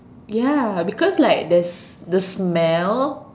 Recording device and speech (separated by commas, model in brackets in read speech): standing microphone, conversation in separate rooms